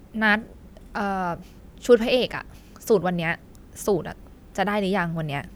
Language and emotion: Thai, frustrated